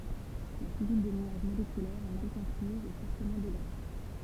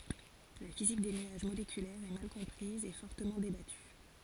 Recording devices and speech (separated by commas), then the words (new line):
temple vibration pickup, forehead accelerometer, read sentence
La physique des nuages moléculaires est mal comprise et fortement débattue.